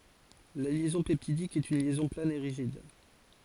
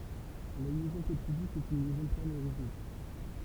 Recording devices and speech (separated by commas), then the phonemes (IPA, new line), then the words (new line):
forehead accelerometer, temple vibration pickup, read sentence
la ljɛzɔ̃ pɛptidik ɛt yn ljɛzɔ̃ plan e ʁiʒid
La liaison peptidique est une liaison plane et rigide.